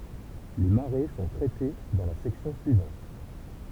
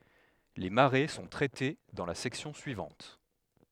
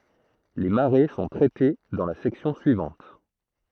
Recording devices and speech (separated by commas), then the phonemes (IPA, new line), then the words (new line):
temple vibration pickup, headset microphone, throat microphone, read sentence
le maʁe sɔ̃ tʁɛte dɑ̃ la sɛksjɔ̃ syivɑ̃t
Les marées sont traitées dans la section suivante.